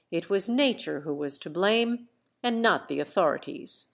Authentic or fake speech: authentic